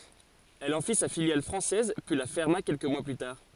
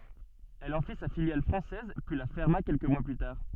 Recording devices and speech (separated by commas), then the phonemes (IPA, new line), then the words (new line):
forehead accelerometer, soft in-ear microphone, read sentence
ɛl ɑ̃ fi sa filjal fʁɑ̃sɛz pyi la fɛʁma kɛlkə mwa ply taʁ
Elle en fit sa filiale française, puis la ferma quelques mois plus tard.